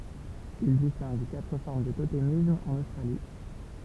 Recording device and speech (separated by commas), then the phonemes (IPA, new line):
temple vibration pickup, read sentence
il distɛ̃ɡ katʁ fɔʁm dy totemism ɑ̃n ostʁali